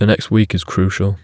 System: none